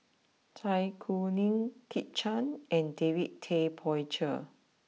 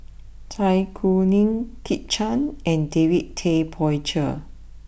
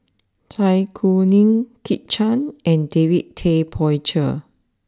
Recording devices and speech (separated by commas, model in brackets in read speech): mobile phone (iPhone 6), boundary microphone (BM630), standing microphone (AKG C214), read sentence